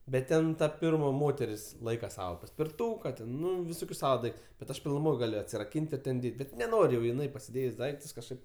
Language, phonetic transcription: Lithuanian, bet ˈten ta ˈpirma ˈmoteris ˈlaika ˈsava paspirˈtūka ten ˈnu viˈsokius ˈsava ˈdaiktus bet ˈaš pilnuˈmoj ˈgaliu atsiraˈkyn't' ir ˈten ˈdėt' ˈbet neˈnor' jau iˈnai pasiˈdėjs' ˈdaiktus kažˈkaip

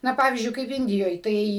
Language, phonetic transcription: Lithuanian, ˈna ˈpavyzdžiui ˈkaip ˈindijoj ˈtai

